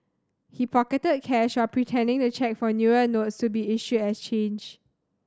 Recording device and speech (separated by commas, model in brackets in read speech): standing microphone (AKG C214), read sentence